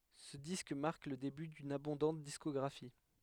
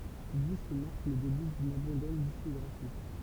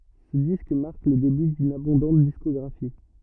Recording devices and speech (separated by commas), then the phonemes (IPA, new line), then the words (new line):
headset microphone, temple vibration pickup, rigid in-ear microphone, read sentence
sə disk maʁk lə deby dyn abɔ̃dɑ̃t diskɔɡʁafi
Ce disque marque le début d'une abondante discographie.